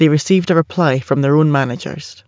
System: none